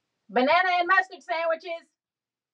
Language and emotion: English, disgusted